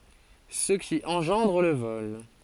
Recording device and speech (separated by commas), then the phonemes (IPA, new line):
forehead accelerometer, read sentence
sə ki ɑ̃ʒɑ̃dʁ lə vɔl